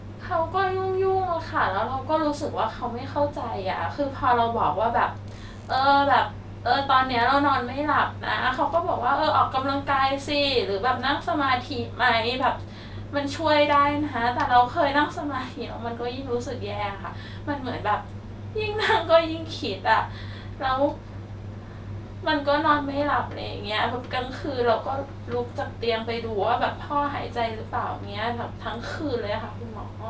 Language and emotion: Thai, sad